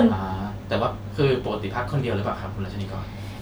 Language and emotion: Thai, neutral